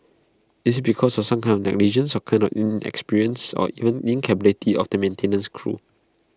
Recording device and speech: close-talking microphone (WH20), read sentence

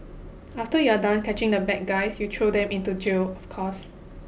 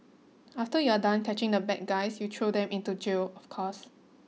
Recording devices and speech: boundary microphone (BM630), mobile phone (iPhone 6), read sentence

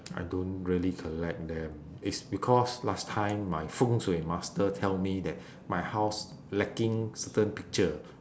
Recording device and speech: standing microphone, conversation in separate rooms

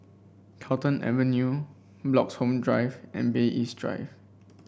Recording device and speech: boundary microphone (BM630), read sentence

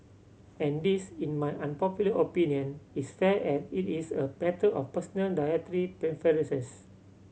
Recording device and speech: mobile phone (Samsung C7100), read sentence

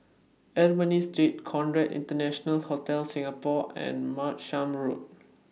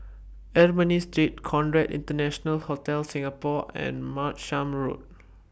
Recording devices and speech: mobile phone (iPhone 6), boundary microphone (BM630), read sentence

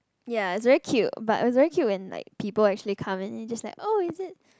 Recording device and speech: close-talking microphone, conversation in the same room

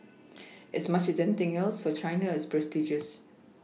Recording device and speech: mobile phone (iPhone 6), read sentence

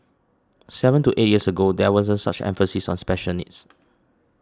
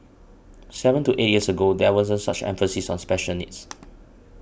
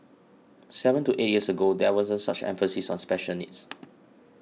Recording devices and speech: standing microphone (AKG C214), boundary microphone (BM630), mobile phone (iPhone 6), read sentence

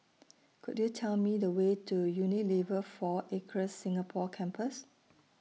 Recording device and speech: mobile phone (iPhone 6), read sentence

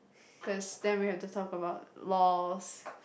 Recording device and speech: boundary microphone, conversation in the same room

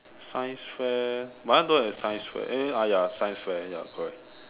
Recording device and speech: telephone, conversation in separate rooms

